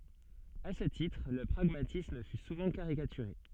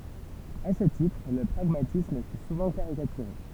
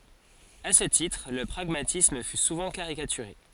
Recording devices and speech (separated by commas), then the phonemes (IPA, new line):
soft in-ear microphone, temple vibration pickup, forehead accelerometer, read sentence
a sə titʁ lə pʁaɡmatism fy suvɑ̃ kaʁikatyʁe